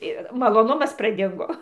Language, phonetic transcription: Lithuanian, ir maloˈnumas praˈdingo

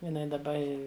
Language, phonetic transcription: Lithuanian, jiˈnai daˈba ˈi

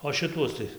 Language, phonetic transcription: Lithuanian, o šiˈtuos tai

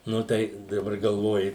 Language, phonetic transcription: Lithuanian, ˈnu tai daˈbar galˈvoji

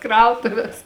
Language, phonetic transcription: Lithuanian, ˈkrautuvės

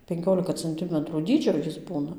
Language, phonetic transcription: Lithuanian, penˈkiolika canˈtimətrų ˈdydžio ˈjis ˈbūna

